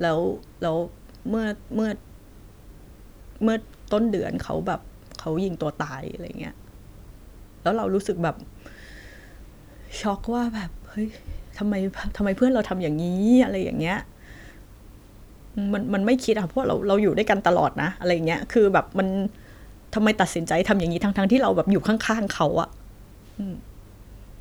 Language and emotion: Thai, sad